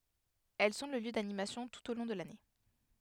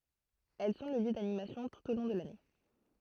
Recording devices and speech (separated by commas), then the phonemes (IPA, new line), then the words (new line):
headset microphone, throat microphone, read sentence
ɛl sɔ̃ lə ljø danimasjɔ̃ tut o lɔ̃ də lane
Elles sont le lieu d'animations tout au long de l'année.